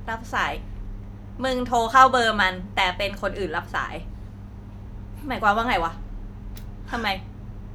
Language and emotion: Thai, frustrated